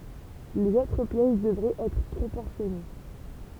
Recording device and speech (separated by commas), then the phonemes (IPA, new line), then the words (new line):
temple vibration pickup, read sentence
lez otʁ pjɛs dəvʁɛt ɛtʁ pʁopɔʁsjɔne
Les autres pièces devraient être proportionnées.